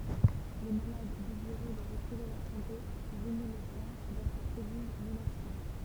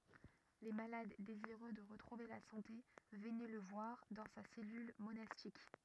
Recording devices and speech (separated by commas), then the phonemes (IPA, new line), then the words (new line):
temple vibration pickup, rigid in-ear microphone, read sentence
le malad deziʁø də ʁətʁuve la sɑ̃te vənɛ lə vwaʁ dɑ̃ sa sɛlyl monastik
Les malades désireux de retrouver la santé venaient le voir dans sa cellule monastique.